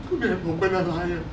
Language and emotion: Thai, sad